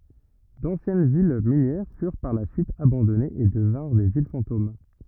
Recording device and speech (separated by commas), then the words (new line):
rigid in-ear microphone, read sentence
D'anciennes villes minières furent par la suite abandonnées et devinrent des villes fantômes.